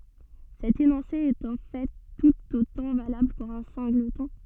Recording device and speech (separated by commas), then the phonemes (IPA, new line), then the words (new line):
soft in-ear microphone, read sentence
sɛt enɔ̃se ɛt ɑ̃ fɛ tut otɑ̃ valabl puʁ œ̃ sɛ̃ɡlətɔ̃
Cet énoncé est en fait tout autant valable pour un singleton.